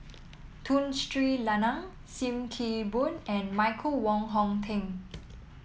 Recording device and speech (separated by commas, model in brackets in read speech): mobile phone (iPhone 7), read sentence